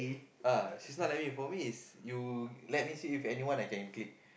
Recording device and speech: boundary microphone, conversation in the same room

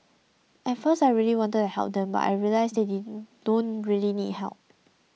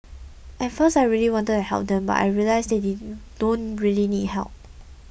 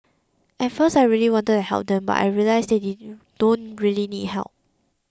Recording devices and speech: mobile phone (iPhone 6), boundary microphone (BM630), close-talking microphone (WH20), read sentence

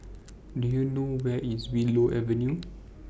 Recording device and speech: boundary microphone (BM630), read sentence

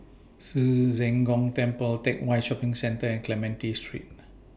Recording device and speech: boundary microphone (BM630), read sentence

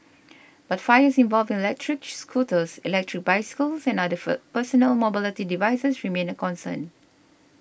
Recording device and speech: boundary microphone (BM630), read sentence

